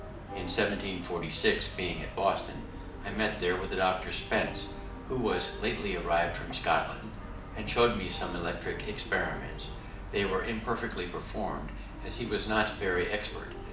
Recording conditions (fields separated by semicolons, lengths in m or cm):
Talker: one person; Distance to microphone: 2.0 m; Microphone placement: close; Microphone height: 99 cm; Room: medium-sized (5.7 m by 4.0 m); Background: music